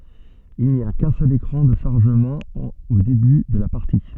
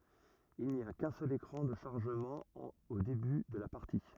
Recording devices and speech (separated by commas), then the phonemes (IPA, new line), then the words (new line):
soft in-ear microphone, rigid in-ear microphone, read sentence
il ni a kœ̃ sœl ekʁɑ̃ də ʃaʁʒəmɑ̃ o deby də la paʁti
Il n'y a qu'un seul écran de chargement au début de la partie.